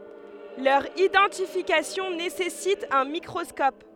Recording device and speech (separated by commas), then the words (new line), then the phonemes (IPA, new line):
headset microphone, read sentence
Leur identification nécessite un microscope.
lœʁ idɑ̃tifikasjɔ̃ nesɛsit œ̃ mikʁɔskɔp